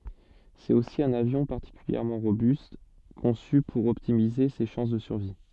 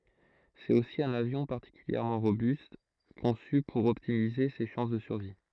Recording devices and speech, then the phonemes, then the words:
soft in-ear microphone, throat microphone, read sentence
sɛt osi œ̃n avjɔ̃ paʁtikyljɛʁmɑ̃ ʁobyst kɔ̃sy puʁ ɔptimize se ʃɑ̃s də syʁvi
C'est aussi un avion particulièrement robuste, conçu pour optimiser ses chances de survie.

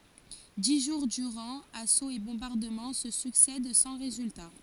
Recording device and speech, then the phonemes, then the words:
forehead accelerometer, read sentence
di ʒuʁ dyʁɑ̃ asoz e bɔ̃baʁdəmɑ̃ sə syksɛd sɑ̃ ʁezylta
Dix jours durant, assauts et bombardements se succèdent sans résultat.

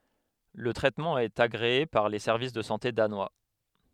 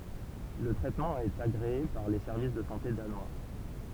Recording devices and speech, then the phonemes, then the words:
headset microphone, temple vibration pickup, read sentence
lə tʁɛtmɑ̃ ɛt aɡʁee paʁ le sɛʁvis də sɑ̃te danwa
Le traitement est agréé par les Services de santé Danois.

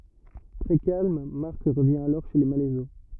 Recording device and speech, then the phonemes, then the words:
rigid in-ear microphone, read sentence
tʁɛ kalm maʁk ʁəvjɛ̃ alɔʁ ʃe le malɛzo
Très calme, Marc revient alors chez les Malaiseau.

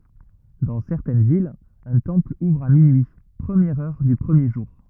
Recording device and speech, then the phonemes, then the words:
rigid in-ear microphone, read sentence
dɑ̃ sɛʁtɛn vilz œ̃ tɑ̃pl uvʁ a minyi pʁəmjɛʁ œʁ dy pʁəmje ʒuʁ
Dans certaines villes, un temple ouvre à minuit, première heure du premier jour.

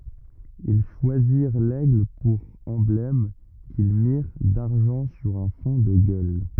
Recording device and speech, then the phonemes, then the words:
rigid in-ear microphone, read sentence
il ʃwaziʁ lɛɡl puʁ ɑ̃blɛm kil miʁ daʁʒɑ̃ syʁ œ̃ fɔ̃ də ɡœl
Ils choisirent l'aigle pour emblème, qu'ils mirent d'argent sur un fond de gueules.

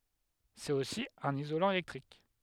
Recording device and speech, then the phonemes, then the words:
headset microphone, read sentence
sɛt osi œ̃n izolɑ̃ elɛktʁik
C'est aussi un isolant électrique.

